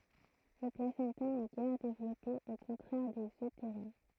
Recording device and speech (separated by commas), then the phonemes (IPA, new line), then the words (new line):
throat microphone, read sentence
lə plasɑ̃ta nɛ ɡɛʁ devlɔpe o kɔ̃tʁɛʁ dez øteʁjɛ̃
Le placenta n’est guère développé, au contraire des euthériens.